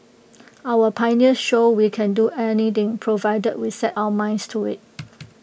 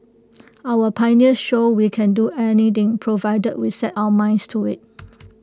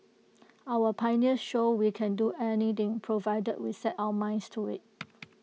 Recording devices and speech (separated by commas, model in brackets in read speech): boundary microphone (BM630), close-talking microphone (WH20), mobile phone (iPhone 6), read sentence